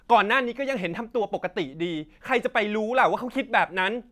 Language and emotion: Thai, angry